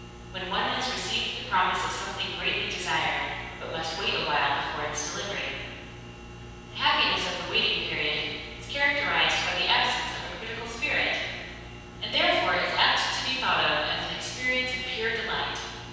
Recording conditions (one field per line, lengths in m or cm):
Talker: one person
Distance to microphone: 7.1 m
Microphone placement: far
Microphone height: 1.7 m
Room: very reverberant, large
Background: none